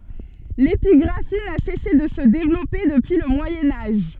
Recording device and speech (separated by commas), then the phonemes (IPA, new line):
soft in-ear microphone, read sentence
lepiɡʁafi na sɛse də sə devlɔpe dəpyi lə mwajɛ̃ aʒ